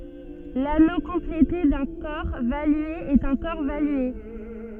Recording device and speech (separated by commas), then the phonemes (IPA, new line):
soft in-ear microphone, read sentence
lano kɔ̃plete dœ̃ kɔʁ valye ɛt œ̃ kɔʁ valye